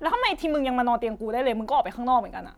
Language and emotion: Thai, angry